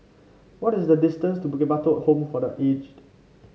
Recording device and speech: mobile phone (Samsung C5), read sentence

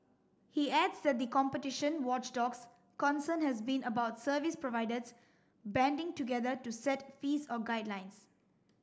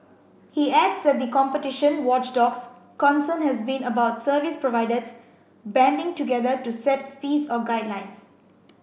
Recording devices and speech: standing microphone (AKG C214), boundary microphone (BM630), read sentence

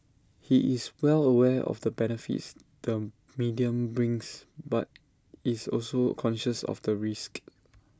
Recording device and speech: standing microphone (AKG C214), read sentence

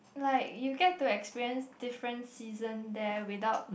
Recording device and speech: boundary microphone, conversation in the same room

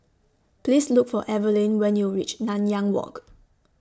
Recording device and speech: standing microphone (AKG C214), read sentence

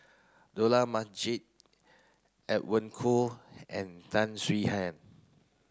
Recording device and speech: close-talking microphone (WH30), read sentence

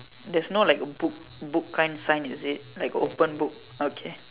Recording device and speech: telephone, conversation in separate rooms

